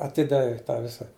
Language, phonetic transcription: Lithuanian, aˈtidavė ˈtą ˈvisa

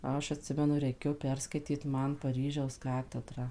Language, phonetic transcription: Lithuanian, ˈaš atˈsimenu reiˈkėjo ˈperskaityt ˈman paˈryžiaus ˈkatedrą

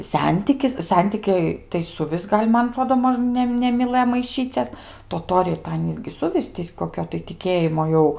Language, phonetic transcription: Lithuanian, ˈsentikis ˈsentikiai tai suˈvis ˈgal' ˈman aˈtrodo ˈmož ˈne nemiˈlɘjo maiˈšyces toˈtoriai tai ˈanys gi ˈsuvis ti koˈkio tai tiˈkėjimo ˈjau

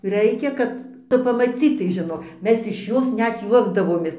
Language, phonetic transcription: Lithuanian, ˈraikia kad ˈtu pamaˈcytai žiˈnok ˈmes iš ˈjos ˈnet ˈjuokdavomės

